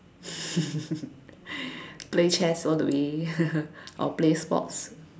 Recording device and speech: standing microphone, conversation in separate rooms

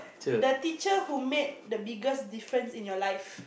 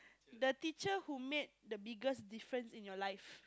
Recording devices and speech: boundary microphone, close-talking microphone, conversation in the same room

